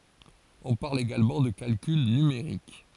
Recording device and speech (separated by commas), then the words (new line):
forehead accelerometer, read sentence
On parle également de calcul numérique.